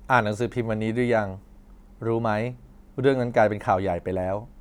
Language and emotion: Thai, neutral